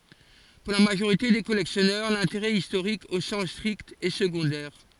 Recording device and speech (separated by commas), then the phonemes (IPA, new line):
forehead accelerometer, read sentence
puʁ la maʒoʁite de kɔlɛksjɔnœʁ lɛ̃teʁɛ istoʁik o sɑ̃s stʁikt ɛ səɡɔ̃dɛʁ